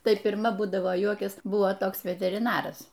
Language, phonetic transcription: Lithuanian, ˈtai pirˈma ˈbūdavo ˈjuokias ˈbuvo ˈtoks veteriˈnaras

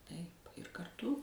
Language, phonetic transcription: Lithuanian, taip ir karˈtu

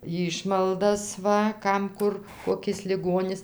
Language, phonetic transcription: Lithuanian, ˈjyšmaldas ˈva ˈkam ˈkur koˈkis liˈgonis

